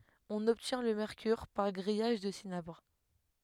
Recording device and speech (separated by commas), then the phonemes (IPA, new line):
headset microphone, read sentence
ɔ̃n ɔbtjɛ̃ lə mɛʁkyʁ paʁ ɡʁijaʒ dy sinabʁ